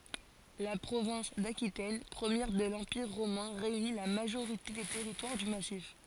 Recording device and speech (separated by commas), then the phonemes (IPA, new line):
forehead accelerometer, read sentence
la pʁovɛ̃s dakitɛn pʁəmjɛʁ də lɑ̃piʁ ʁomɛ̃ ʁeyni la maʒoʁite de tɛʁitwaʁ dy masif